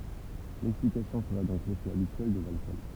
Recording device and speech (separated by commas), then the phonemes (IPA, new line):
temple vibration pickup, read sentence
lɛksplikasjɔ̃ səʁɛ dɔ̃k lefɛ abityɛl də lalkɔl